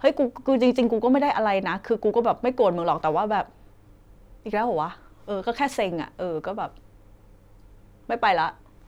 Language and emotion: Thai, frustrated